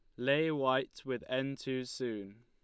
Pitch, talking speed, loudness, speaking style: 130 Hz, 160 wpm, -35 LUFS, Lombard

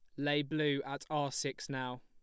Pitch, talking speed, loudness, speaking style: 140 Hz, 195 wpm, -36 LUFS, plain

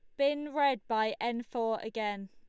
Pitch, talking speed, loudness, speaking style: 235 Hz, 170 wpm, -32 LUFS, Lombard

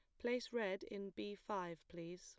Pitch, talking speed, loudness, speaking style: 200 Hz, 180 wpm, -46 LUFS, plain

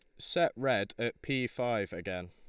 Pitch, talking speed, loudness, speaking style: 115 Hz, 170 wpm, -33 LUFS, Lombard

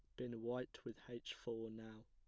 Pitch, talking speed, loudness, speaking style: 115 Hz, 190 wpm, -49 LUFS, plain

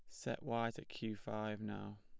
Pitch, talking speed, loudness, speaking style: 110 Hz, 200 wpm, -44 LUFS, plain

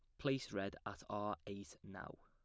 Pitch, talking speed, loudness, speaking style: 105 Hz, 180 wpm, -45 LUFS, plain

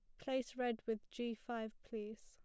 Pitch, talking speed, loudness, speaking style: 230 Hz, 180 wpm, -44 LUFS, plain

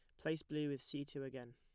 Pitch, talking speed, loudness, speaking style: 140 Hz, 270 wpm, -44 LUFS, plain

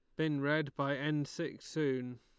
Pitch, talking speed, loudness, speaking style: 145 Hz, 180 wpm, -36 LUFS, Lombard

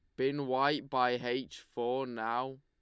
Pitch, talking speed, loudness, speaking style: 130 Hz, 150 wpm, -34 LUFS, Lombard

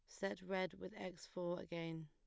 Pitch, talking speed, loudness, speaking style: 180 Hz, 195 wpm, -46 LUFS, plain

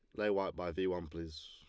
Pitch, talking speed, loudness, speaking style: 90 Hz, 280 wpm, -38 LUFS, Lombard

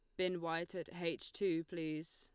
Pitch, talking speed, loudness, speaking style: 170 Hz, 185 wpm, -41 LUFS, Lombard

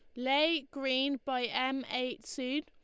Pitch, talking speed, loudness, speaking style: 265 Hz, 150 wpm, -33 LUFS, Lombard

